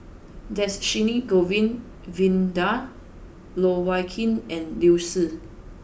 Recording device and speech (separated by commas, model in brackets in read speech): boundary microphone (BM630), read sentence